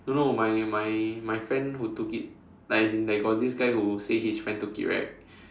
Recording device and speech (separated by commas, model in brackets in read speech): standing microphone, conversation in separate rooms